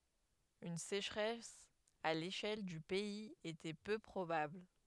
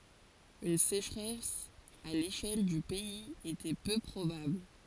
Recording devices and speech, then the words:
headset microphone, forehead accelerometer, read sentence
Une sécheresse à l'échelle du pays était peu probable.

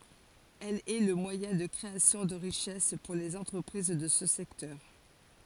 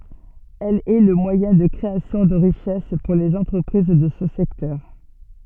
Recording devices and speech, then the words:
forehead accelerometer, soft in-ear microphone, read sentence
Elle est le moyen de création de richesses pour les entreprises de ce secteur.

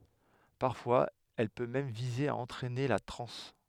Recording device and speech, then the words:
headset microphone, read sentence
Parfois elle peut même viser à entraîner la transe.

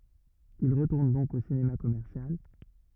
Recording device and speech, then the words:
rigid in-ear microphone, read sentence
Il retourne donc au cinéma commercial.

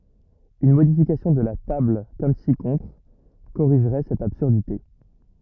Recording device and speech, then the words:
rigid in-ear microphone, read sentence
Une modification de la table comme ci-contre corrigerait cette absurdité.

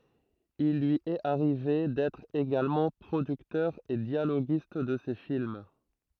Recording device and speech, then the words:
throat microphone, read sentence
Il lui est arrivé d'être également producteur et dialoguiste de ses films.

